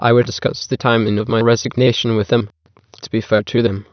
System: TTS, waveform concatenation